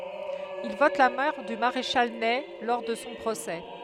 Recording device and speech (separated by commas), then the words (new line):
headset microphone, read sentence
Il vote la mort du maréchal Ney lors de son procès.